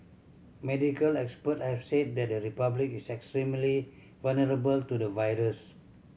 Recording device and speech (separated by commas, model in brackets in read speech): mobile phone (Samsung C7100), read sentence